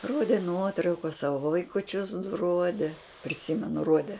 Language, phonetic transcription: Lithuanian, ˈrodė ˈnuotraukas ˈsavo vaikuˈčius du ˈrodė priˈsimenu ˈruode

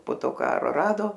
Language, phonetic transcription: Lithuanian, po ˈto ˈką ˈrado

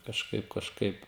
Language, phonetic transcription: Lithuanian, kažˈkaip kažˈkaip

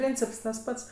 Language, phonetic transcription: Lithuanian, ˈpryncips tas ˈpats

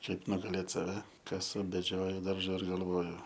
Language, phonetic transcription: Lithuanian, ˈkaip nugaˈlėt ˈsave ˈkasu beˈdžioju ˈdarža ir galˈvoju

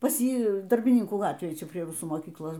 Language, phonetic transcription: Lithuanian, pas ˈjį darbiˈninkų ˈgatvėj ˈčia prie ˈrusų moˈkyklos

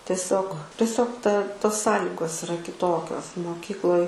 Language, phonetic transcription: Lithuanian, teˈsiog teˈsiog ta tos ˈsąligos iˈra kiˈtokios moˈkykloj

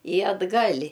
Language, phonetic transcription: Lithuanian, i atˈgal'

